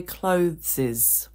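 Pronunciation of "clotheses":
'Clothes' is pronounced incorrectly here, as 'clotheses'.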